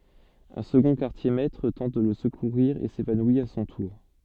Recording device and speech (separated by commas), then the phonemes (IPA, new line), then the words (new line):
soft in-ear microphone, read sentence
œ̃ səɡɔ̃ kaʁtjɛʁmɛtʁ tɑ̃t də lə səkuʁiʁ e sevanwi a sɔ̃ tuʁ
Un second quartier-maître tente de le secourir et s'évanouit à son tour.